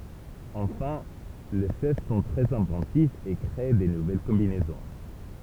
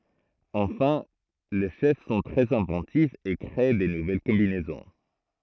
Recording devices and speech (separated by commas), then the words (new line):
temple vibration pickup, throat microphone, read sentence
Enfin, les chefs sont très inventifs et créent de nouvelles combinaisons.